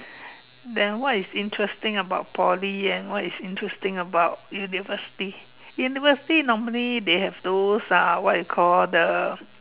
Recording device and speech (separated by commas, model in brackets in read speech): telephone, conversation in separate rooms